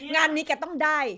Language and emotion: Thai, angry